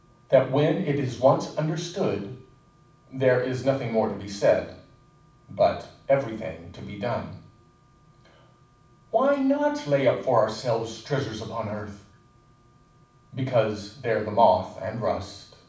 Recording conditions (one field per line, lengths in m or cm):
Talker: one person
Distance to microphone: 5.8 m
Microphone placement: far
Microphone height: 1.8 m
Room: medium-sized (5.7 m by 4.0 m)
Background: none